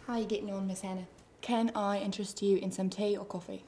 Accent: Australian accent